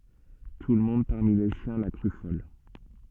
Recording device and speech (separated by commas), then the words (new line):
soft in-ear microphone, read sentence
Tout le monde, parmi les siens, la crut folle.